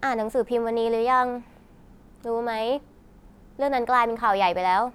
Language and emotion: Thai, frustrated